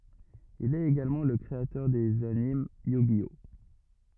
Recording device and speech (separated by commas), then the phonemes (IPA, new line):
rigid in-ear microphone, read sentence
il ɛt eɡalmɑ̃ lə kʁeatœʁ dez anim jy ʒi ɔ